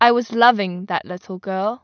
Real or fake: real